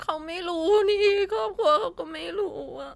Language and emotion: Thai, sad